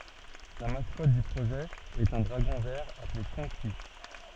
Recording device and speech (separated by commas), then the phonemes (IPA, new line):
soft in-ear microphone, read sentence
la maskɔt dy pʁoʒɛ ɛt œ̃ dʁaɡɔ̃ vɛʁ aple kɔ̃ki